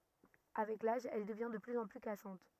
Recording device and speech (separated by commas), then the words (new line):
rigid in-ear microphone, read sentence
Avec l'âge, elle devient de plus en plus cassante.